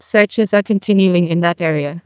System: TTS, neural waveform model